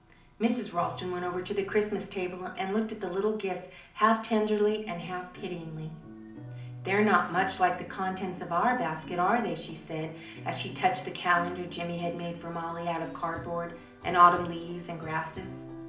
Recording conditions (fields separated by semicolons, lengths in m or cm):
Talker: one person; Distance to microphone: 2.0 m; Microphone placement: close; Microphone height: 99 cm; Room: medium-sized (5.7 m by 4.0 m); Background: music